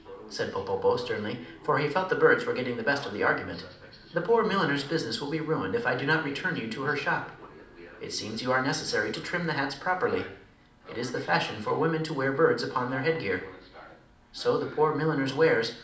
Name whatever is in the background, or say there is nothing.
A television.